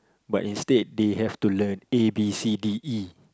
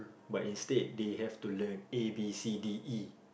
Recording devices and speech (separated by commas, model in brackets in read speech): close-talking microphone, boundary microphone, conversation in the same room